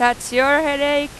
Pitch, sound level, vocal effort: 285 Hz, 98 dB SPL, very loud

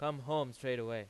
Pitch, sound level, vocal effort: 135 Hz, 95 dB SPL, loud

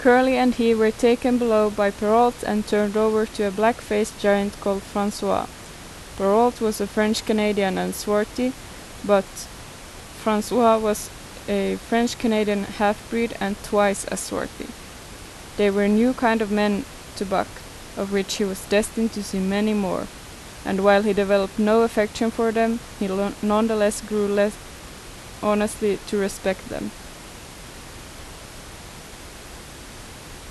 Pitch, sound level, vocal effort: 210 Hz, 83 dB SPL, normal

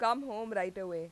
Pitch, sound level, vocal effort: 195 Hz, 92 dB SPL, loud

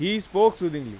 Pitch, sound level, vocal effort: 185 Hz, 97 dB SPL, very loud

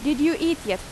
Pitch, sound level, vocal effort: 295 Hz, 88 dB SPL, loud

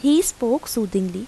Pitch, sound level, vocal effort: 235 Hz, 83 dB SPL, normal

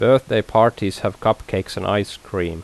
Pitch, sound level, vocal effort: 100 Hz, 84 dB SPL, normal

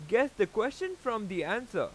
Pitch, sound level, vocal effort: 225 Hz, 95 dB SPL, very loud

